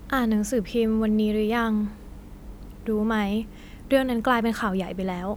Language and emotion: Thai, neutral